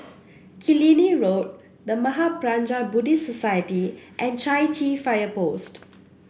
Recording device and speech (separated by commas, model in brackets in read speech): boundary microphone (BM630), read sentence